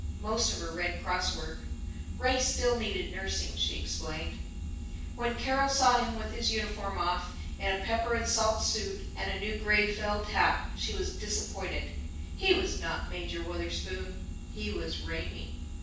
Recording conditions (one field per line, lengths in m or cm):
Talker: one person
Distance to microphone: 9.8 m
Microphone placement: far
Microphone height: 1.8 m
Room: large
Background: none